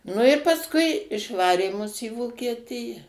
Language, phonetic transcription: Lithuanian, ˈnu i pasˈkui išˈvarė mus į vokieˈtija

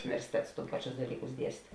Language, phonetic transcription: Lithuanian, universiˈtets ˈpaˌčius daˈlykus ˈdiest'

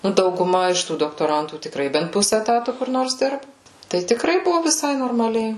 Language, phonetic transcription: Lithuanian, ˈnu dauguˈma iš ˈtų doktoˈrantų tikˈrai bent ˈpuse eˈtatu kur ˈnors ˈdirbu tai tikˈrai ˈbuvo viˈsai normaˈliai

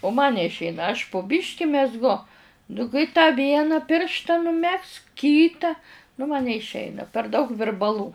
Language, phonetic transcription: Lithuanian, u man neišˈeina aš pu ˈbiški mezˈgu nu kai tą ˈvieną ˈpiršta nuˈmegzk ˈkyta nu ma neišˈeina per daug virbaˈlų

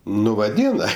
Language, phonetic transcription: Lithuanian, ˈnu vaˈdyna

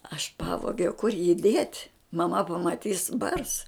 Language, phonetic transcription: Lithuanian, aš ˈpavogiau kur jį dėt' maˈma pamaˈtys bars

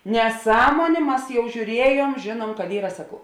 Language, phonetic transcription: Lithuanian, neˈsąmonė ˈmas jau žiūˈriejuom ˈžėnuom kad ˈyra ˈsakau

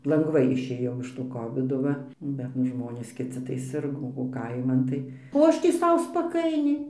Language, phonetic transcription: Lithuanian, lanˈgvai išˈėjau iš to ˈkovido ˈva ˈbet nu ˈžmonės kiˈci tai ˈsirgo o ˈkaiman tai o ˈaš tį ˈsau spaˈkainiai

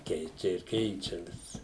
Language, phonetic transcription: Lithuanian, ˈkeičia ir ˈkeičia vis

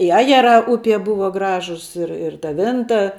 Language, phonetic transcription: Lithuanian, i ˈajeˌrā ˈupie ˈbuva ˈgražus ˈir ir ta ˈvinta

